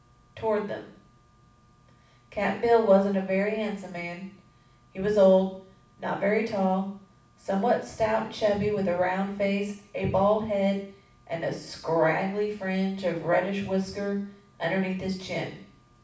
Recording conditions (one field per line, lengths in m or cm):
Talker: one person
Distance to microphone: 5.8 m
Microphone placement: far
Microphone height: 1.8 m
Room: medium-sized (5.7 m by 4.0 m)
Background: none